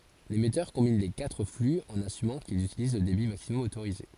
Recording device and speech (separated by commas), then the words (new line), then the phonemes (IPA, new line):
forehead accelerometer, read sentence
L'émetteur combine les quatre flux en assumant qu'ils utilisent le débit maximum autorisé.
lemɛtœʁ kɔ̃bin le katʁ fly ɑ̃n asymɑ̃ kilz ytiliz lə debi maksimɔm otoʁize